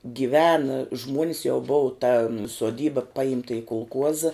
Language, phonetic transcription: Lithuanian, giˈvena ˈžmuonis jau ˈbova ta suoˈdyba ˈpaimta i kulˈkuoza

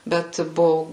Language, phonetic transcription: Lithuanian, ˈbet ˈbuvu

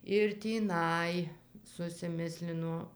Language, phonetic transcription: Lithuanian, ir tįˈnai susiˈmislino

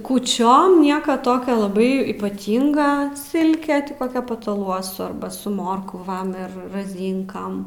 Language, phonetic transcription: Lithuanian, kūˈčiom ˈnieka ˈtokio laˈbai ypaˈtynga ˈsilke ti ˈkokia pataˈluosu ˈarba su ˈmorkvam ir raˈzynkam

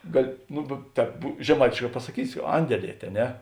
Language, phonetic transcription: Lithuanian, ˈgali ˈnu be ˈtēp žeˈmaitėšˌkā pasaˈkysi ˈandeˌliet' a ˈne

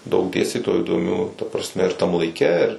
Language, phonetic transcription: Lithuanian, daug ˈdėstytojų įdoˈmių ta prasˈme ir tam laiˈke ir

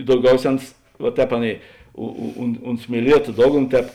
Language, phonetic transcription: Lithuanian, dauˈgiauˌsē ˈans va ˈtēp ˈaˌnėi u u un ˈunt smieˈlieto ˈdogˌno ˈtēp

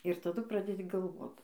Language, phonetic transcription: Lithuanian, ir taˈdu ˈpradedi galˈvot

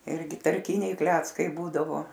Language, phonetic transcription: Lithuanian, ˈirgi tarˈkiniai ˈkleckai ˈbūdavo

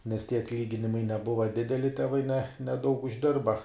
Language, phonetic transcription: Lithuanian, nes tie atˈlyginimai neˈbuva ˈdideli teˈvai ne neˈdaug užˈdirba

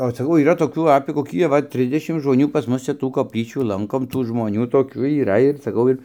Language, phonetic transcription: Lithuanian, o saˈkau yˈra toˈkių apė koˈkį aˈva ˈtrisdešim žmoˈnių pas ˈmus čia ˈtų kopˈlyčių ˈlankom ˈtų žmoˈnių toˈkių yˈra ir saˈkau ir

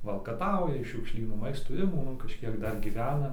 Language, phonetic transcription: Lithuanian, valkaˈtauja iš šiukˈšlynų ˈmaistų ˈima kažˈkiek ˈdar gyˈvena

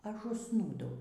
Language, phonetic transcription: Lithuanian, ˈaš užˈsnūdau

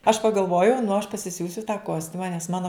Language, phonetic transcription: Lithuanian, aš pagalˈvojau nu aš pasiˈsiūsiu tą ˈkostiuma nes ˈmano

